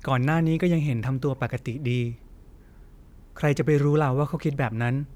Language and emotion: Thai, neutral